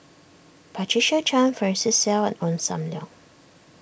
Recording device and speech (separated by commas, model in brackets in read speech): boundary microphone (BM630), read sentence